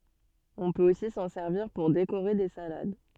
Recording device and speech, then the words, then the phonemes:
soft in-ear microphone, read sentence
On peut aussi s'en servir pour décorer des salades.
ɔ̃ pøt osi sɑ̃ sɛʁviʁ puʁ dekoʁe de salad

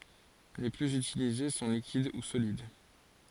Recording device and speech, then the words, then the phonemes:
forehead accelerometer, read sentence
Les plus utilisés sont liquides ou solides.
le plyz ytilize sɔ̃ likid u solid

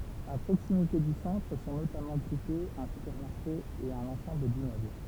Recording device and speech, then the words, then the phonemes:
temple vibration pickup, read sentence
A proximité du centre sont notamment groupés un supermarché et un ensemble d’immeubles.
a pʁoksimite dy sɑ̃tʁ sɔ̃ notamɑ̃ ɡʁupez œ̃ sypɛʁmaʁʃe e œ̃n ɑ̃sɑ̃bl dimmøbl

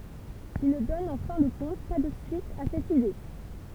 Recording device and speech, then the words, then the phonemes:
temple vibration pickup, read sentence
Il ne donne en fin de compte pas de suite à cette idée.
il nə dɔn ɑ̃ fɛ̃ də kɔ̃t pa də syit a sɛt ide

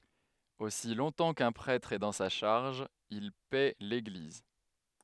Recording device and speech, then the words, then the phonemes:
headset microphone, read sentence
Aussi longtemps qu’un prêtre est dans sa charge, il paît l’Église.
osi lɔ̃tɑ̃ kœ̃ pʁɛtʁ ɛ dɑ̃ sa ʃaʁʒ il pɛ leɡliz

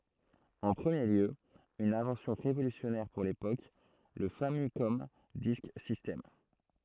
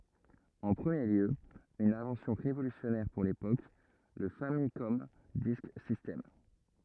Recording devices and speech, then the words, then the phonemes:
throat microphone, rigid in-ear microphone, read sentence
En premier lieu, une invention révolutionnaire pour l'époque, le Famicom Disk System.
ɑ̃ pʁəmje ljø yn ɛ̃vɑ̃sjɔ̃ ʁevolysjɔnɛʁ puʁ lepok lə famikɔm disk sistɛm

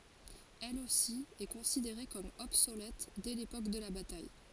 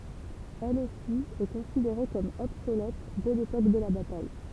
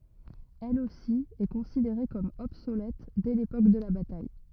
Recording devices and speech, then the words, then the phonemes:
forehead accelerometer, temple vibration pickup, rigid in-ear microphone, read sentence
Elle aussi est considérée comme obsolète dès l'époque de la bataille.
ɛl osi ɛ kɔ̃sideʁe kɔm ɔbsolɛt dɛ lepok də la bataj

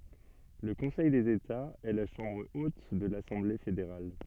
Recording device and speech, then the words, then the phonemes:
soft in-ear microphone, read sentence
Le Conseil des États, est la chambre haute de l'Assemblée fédérale.
lə kɔ̃sɛj dez etaz ɛ la ʃɑ̃bʁ ot də lasɑ̃ble fedeʁal

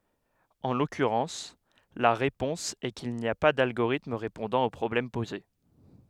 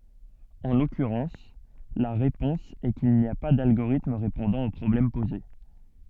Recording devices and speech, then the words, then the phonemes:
headset microphone, soft in-ear microphone, read sentence
En l'occurrence, la réponse est qu'il n'y a pas d'algorithme répondant au problème posé.
ɑ̃ lɔkyʁɑ̃s la ʁepɔ̃s ɛ kil ni a pa dalɡoʁitm ʁepɔ̃dɑ̃ o pʁɔblɛm poze

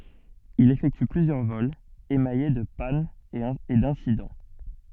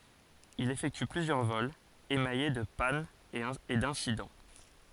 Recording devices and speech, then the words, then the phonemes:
soft in-ear microphone, forehead accelerometer, read sentence
Il effectue plusieurs vols, émaillés de pannes et d'incidents.
il efɛkty plyzjœʁ vɔlz emaje də panz e dɛ̃sidɑ̃

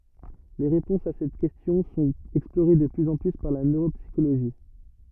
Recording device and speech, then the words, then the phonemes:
rigid in-ear microphone, read sentence
Les réponses à cette question sont explorées de plus en plus par la neuropsychologie.
le ʁepɔ̃sz a sɛt kɛstjɔ̃ sɔ̃t ɛksploʁe də plyz ɑ̃ ply paʁ la nøʁopsikoloʒi

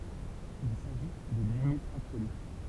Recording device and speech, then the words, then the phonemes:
temple vibration pickup, read sentence
Il s'agit d'une limite absolue.
il saʒi dyn limit absoly

